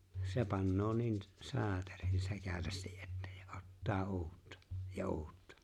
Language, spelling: Finnish, se panee niin - saaterin sekavasti että ja ottaa uutta ja uutta
- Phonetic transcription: 'se pannoo 'niin̬ , s- , "saaterin 's(ekävästi’) ’ettᴀ̈ ᴊᴀ̈ ottaa "uuttᴀ , ja "uuttᴀ .

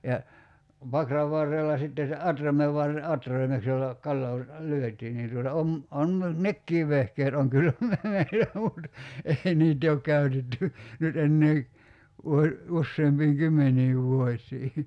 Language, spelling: Finnish, ja pakran varrella sitten se atraimen - atraimeksi jolla kalaa lyötiin niin tuota on on minulla nekin vehkeet on kyllä - meillä mutta ei niitä ei ole käytetty nyt enää - useampiin kymmeniin vuosiin
- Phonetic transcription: ja , 'pakrav varrella sitte se "atramev varre- , 'atraimeks jolla , 'kalloo , "lyöt̀ii nin tuota 'om , 'on (miula) , "nekkiiv 'vehkeet oŋ 'kyllä me- , meilä mut , ei 'niit ‿ei ok 'käy̬tetty , nyt 'ennee , vuo- , 'usseempiiŋ "kymmeǹiiv 'vuoś̀ii .

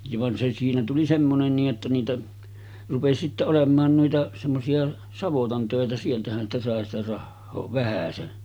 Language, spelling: Finnish, ja vaan se siinä tuli semmoinen niin että niitä rupesi sitten olemaan noita semmoisia savotan töitä sieltähän sitä sai sitä rahaa vähäsen
- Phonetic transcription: ja van se siinä tuli 'semmonen nii’ ’että niitä , 'rupesi sitte 'olem̆maan nuita , semmosi₍a , "savotan 'tö̀etä 'sieltähän sitä sàe sitä 'rahhoo "vähäsen .

